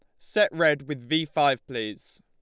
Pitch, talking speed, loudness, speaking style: 150 Hz, 180 wpm, -25 LUFS, Lombard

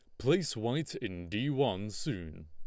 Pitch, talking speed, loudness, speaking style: 110 Hz, 160 wpm, -34 LUFS, Lombard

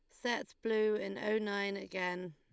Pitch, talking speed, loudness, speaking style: 200 Hz, 170 wpm, -36 LUFS, Lombard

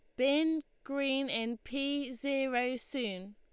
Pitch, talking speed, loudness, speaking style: 270 Hz, 115 wpm, -34 LUFS, Lombard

